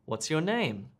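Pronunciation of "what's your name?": In 'what's your name?', the intonation rises and then falls.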